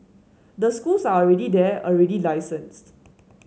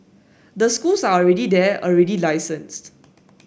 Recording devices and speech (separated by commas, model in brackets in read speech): mobile phone (Samsung S8), boundary microphone (BM630), read sentence